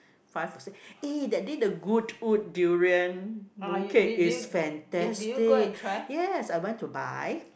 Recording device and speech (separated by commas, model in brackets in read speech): boundary microphone, conversation in the same room